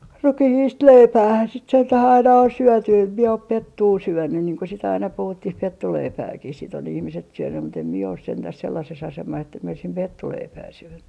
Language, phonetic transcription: Finnish, "rukihiist "leipäähän sit sentäh 'aina on 'syɔ̈̀ty em mie op "pettuu 'syönnyn niiŋ ko sit aina 'puhuttih 'pettuleipääkih sit ‿on 'ihmiset 'syönnym̆ mut ‿em mie os 'sentäs 'sellases 'asemas ‿että mie oisim "pettuleipää 'syönny .
- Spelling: rukiista leipäähän sitä sentään aina on syöty en minä ole pettua syönyt niin kuin sitä aina puhuttiin pettuleipääkin sitten on ihmiset syönyt mutta en minä ole sentään sellaisessa asemassa että minä olisin pettuleipää syönyt

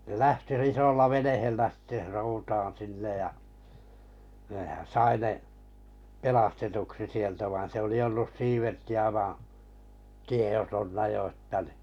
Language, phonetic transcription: Finnish, ne 'lähti r- 'isolla 'venehellä sɪtte 'soutaan 'sinnej ja , nèhän̬ "sai ne , 'pelastetuksi 'sieltä vain se oli 'ollus vaa̰ , 'tieʲotonna jo ᵊttä ni .
- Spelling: ne lähti - isolla veneellä sitten soutamaan sinne ja nehän sai ne pelastetuksi sieltä vaan se oli ollut vain tiedottomana jo että niin

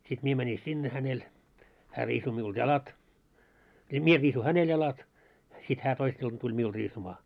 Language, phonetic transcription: Finnish, sit 'mie mäni 'sinne hänel , hää 'riisu miulᴅ "jalat , ja "mie 'riisu "hänel 'jalat , sit 'hää 'toiss ‿ilta tuĺ 'miul 'riisuma .
- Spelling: sitten minä menin sinne hänelle hän riisui minulta jalat ja minä riisuin häneltä jalat sitten hän toissa ilta tuli minulle riisumaan

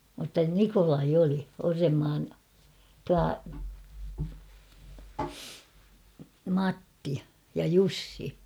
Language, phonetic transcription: Finnish, mutta "Nikolai 'oli , 'Orremmaan , tua , "Matti , ja "Jussi .
- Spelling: mutta Nikolai oli Orrenmaan tuo Matti ja Jussi

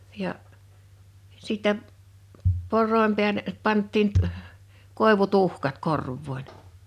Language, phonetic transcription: Finnish, 'ja’ , 'sittɛ , 'por̆ròim pḙäle , 'panttiin t- ᵊʰ , "kòevutuhkat 'korvvòiɴ .
- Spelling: ja sitten porojen päälle pantiin - - koivutuhkat korvoihin

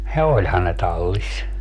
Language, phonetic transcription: Finnish, ja "oĺhan ne 'tallis .
- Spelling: ja olihan ne tallissa

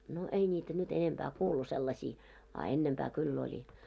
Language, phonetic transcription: Finnish, no 'ei ńiitä nyt enempää 'kuulu sellasii , a 'ennempää 'kyll ‿oĺi .
- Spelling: no ei niitä nyt enempää kuulu sellaisia a ennempää kyllä oli

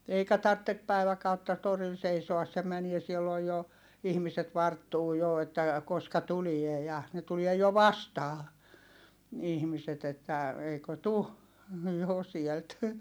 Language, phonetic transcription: Finnish, eikä tartte , päiväkautta , toril seisoas se mänie silloj jo , ihmiset varttuu jo että , koska tulie ja , ne tulie jo vastaa , ihmiset ‿että , eikö tu , jo sielt .
- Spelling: eikä tarvitse päiväkautta torilla seisoa se menee silloin jo ihmiset varttuu jo että koska tulee ja ne tulee jo vastaan ihmiset että eikö tule jo sieltä

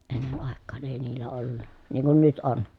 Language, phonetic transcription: Finnish, ennen àekkaan èi niillä ollu(nna) , niiŋ kun nyt on .
- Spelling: ennen aikaan ei niillä ollut niin kuin nyt on

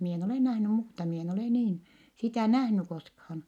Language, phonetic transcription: Finnish, mi en olè nähny muuta mi en olè niin , sitä̀ nähny koskhaan .
- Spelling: minä en ole nähnyt muuta minä en ole niin sitä nähnyt koskaan

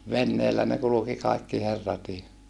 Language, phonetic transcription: Finnish, venneellä ne kuluki kaikki herratii .
- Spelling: veneellä ne kulki kaikki herratkin

